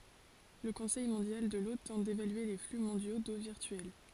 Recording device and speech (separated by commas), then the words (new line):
forehead accelerometer, read sentence
Le Conseil mondial de l'eau tente d'évaluer les flux mondiaux d'eau virtuelle.